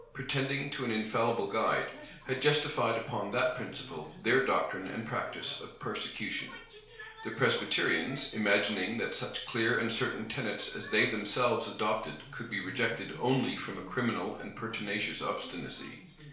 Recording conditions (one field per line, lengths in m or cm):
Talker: one person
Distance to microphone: 1.0 m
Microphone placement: close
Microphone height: 1.1 m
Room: small (3.7 m by 2.7 m)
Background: television